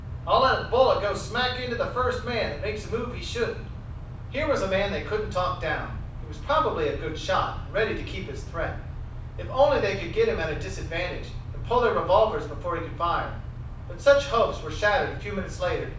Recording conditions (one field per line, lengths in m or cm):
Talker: one person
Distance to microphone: 5.8 m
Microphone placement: far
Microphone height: 1.8 m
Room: medium-sized (5.7 m by 4.0 m)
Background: none